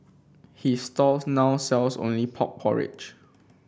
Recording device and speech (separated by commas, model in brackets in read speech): boundary microphone (BM630), read sentence